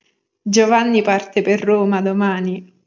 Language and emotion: Italian, happy